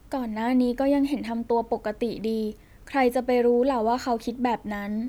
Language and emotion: Thai, sad